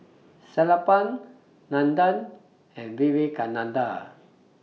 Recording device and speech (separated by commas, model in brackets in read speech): mobile phone (iPhone 6), read sentence